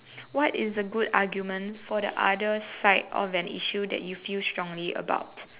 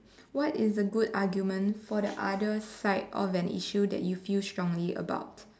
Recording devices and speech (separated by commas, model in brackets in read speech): telephone, standing microphone, conversation in separate rooms